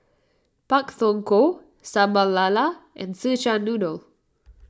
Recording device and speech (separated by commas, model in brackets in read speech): standing microphone (AKG C214), read sentence